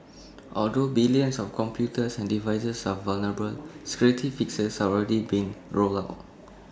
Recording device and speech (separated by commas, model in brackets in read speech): standing microphone (AKG C214), read sentence